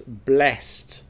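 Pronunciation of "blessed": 'Blessed' is pronounced the way it is as a verb, not the way it is as an adjective.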